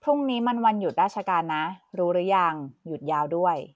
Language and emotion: Thai, neutral